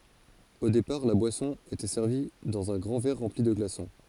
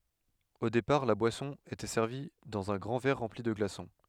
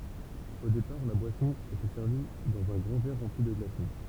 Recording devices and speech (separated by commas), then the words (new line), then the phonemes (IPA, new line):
forehead accelerometer, headset microphone, temple vibration pickup, read sentence
Au départ, la boisson était servie dans un grand verre rempli de glaçons.
o depaʁ la bwasɔ̃ etɛ sɛʁvi dɑ̃z œ̃ ɡʁɑ̃ vɛʁ ʁɑ̃pli də ɡlasɔ̃